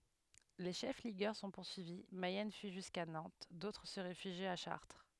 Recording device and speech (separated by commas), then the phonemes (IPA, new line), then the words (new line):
headset microphone, read sentence
le ʃɛf liɡœʁ sɔ̃ puʁsyivi mɛjɛn fyi ʒyska nɑ̃t dotʁ sə ʁefyʒit a ʃaʁtʁ
Les chefs ligueurs sont poursuivis, Mayenne fuit jusqu’à Nantes, d’autres se réfugient à Chartres.